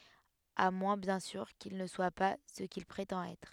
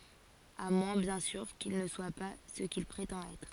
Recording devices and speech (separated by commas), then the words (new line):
headset microphone, forehead accelerometer, read sentence
À moins bien sûr, qu'il ne soit pas ce qu'il prétend être.